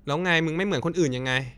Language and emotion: Thai, frustrated